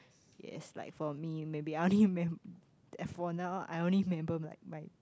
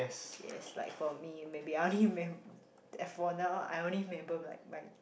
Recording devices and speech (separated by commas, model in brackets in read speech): close-talking microphone, boundary microphone, conversation in the same room